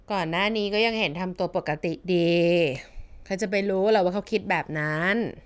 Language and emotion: Thai, frustrated